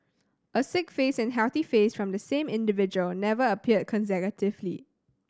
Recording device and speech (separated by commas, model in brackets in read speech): standing microphone (AKG C214), read sentence